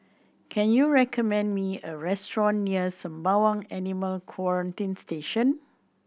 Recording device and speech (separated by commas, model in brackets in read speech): boundary microphone (BM630), read sentence